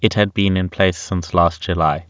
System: none